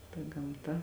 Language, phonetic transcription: Lithuanian, ta gamˈta

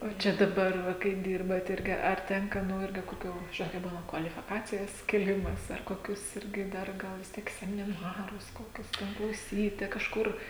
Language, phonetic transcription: Lithuanian, o ˈčia daˈbar kai ˈdirbat ˈirgi ar ˈtenka ˈnu ˈirgi koˈkių ˈžinot kai ˈbūna kvalifiˈkacijas kėˈlimas ar koˈkius ˈirgi ˈdar ˈgal vis ˈtiek semiˈnarus koˈkius ten klauˈsyti kažˈkur

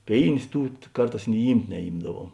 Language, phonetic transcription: Lithuanian, ˈpėinės ˈtų ˈkarˌtās ni ˈymt' neˈymdaˌvuom

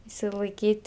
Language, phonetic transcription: Lithuanian, išsilaiˈkyt'

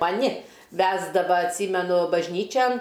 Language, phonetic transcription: Lithuanian, maˈni ˈvesdava atˈsymenu bažˈnyčian

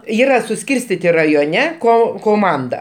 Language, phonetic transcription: Lithuanian, ˈyra suˈskyrstiti rajoˈne ˈko koˈmanda

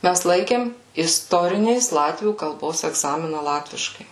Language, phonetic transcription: Lithuanian, ˈmæs ˈlaikėm isˈtorinės ˈlatvių kalˈbos egˈzamina ˈlatviškai

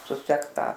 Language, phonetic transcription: Lithuanian, suˈsekt ˈtą

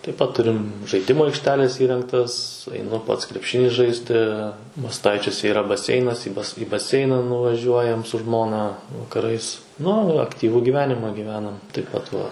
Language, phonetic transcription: Lithuanian, taip pat ˈturim žaiˈdimu aikšˈtelės ˈįrengtas aiˈnu ˈpats krepˈšinį ˈžaisti masˈtaičiuose yˈra baˈseinas į bas į baˈseina nuvaˈžiuojam su ˈžmona vakaˈrais ˈnu akˈtyvu gyˈvenima gyˈvenam taip ˈpat va

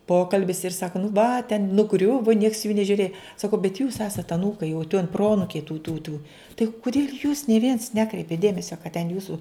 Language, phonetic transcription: Lithuanian, ˈpokalbis ir ˈsaka nu va ten nuˈgriuvo nieks jų nežiuˈrėj saˈkau bet jūs ˈesat aˈnūkai jau tiuon ˈproanukiai tų tų tų tai kuˈdėl' jūs nė viens ˈnekreipėt ˈdėmesia kad ten ˈjūsu

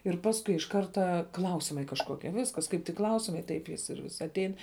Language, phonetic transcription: Lithuanian, ir ˈpaskui iš ˈkarta ˈklausimai kažˈkokie ˈviskas ˈkaip tik ˈklausimai ˈtaip jis ir vis atˈein

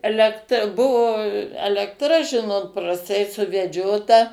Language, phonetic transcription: Lithuanian, elekˈtra ˈbuvo elektˈra ˈžinot prasˈtai suveˈdžiota

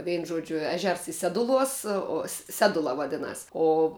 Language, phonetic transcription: Lithuanian, ˈveinu ˈžuodžiu ˈeˌžers i ˈseduˌluos o ˈsedula vaˈdinas o

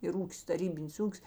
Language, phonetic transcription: Lithuanian, ir ˈūkis taˈrybinis ˈūkis

